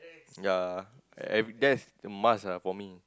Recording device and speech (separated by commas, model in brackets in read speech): close-talking microphone, conversation in the same room